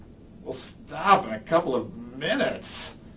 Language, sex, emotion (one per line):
English
male
disgusted